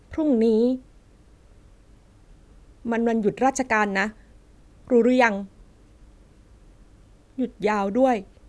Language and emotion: Thai, sad